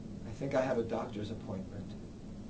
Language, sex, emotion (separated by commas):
English, male, neutral